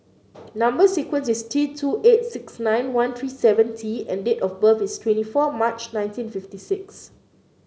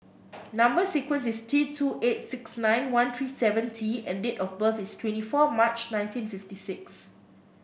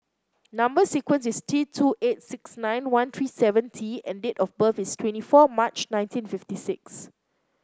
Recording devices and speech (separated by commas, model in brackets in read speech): mobile phone (Samsung C9), boundary microphone (BM630), close-talking microphone (WH30), read sentence